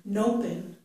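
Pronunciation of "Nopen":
'Open' is said with the n sound of 'can't' moved onto its start, so it sounds like 'nopen'.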